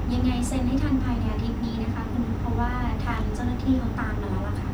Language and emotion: Thai, neutral